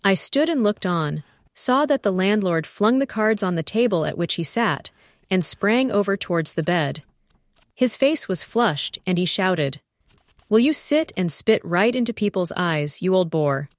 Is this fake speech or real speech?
fake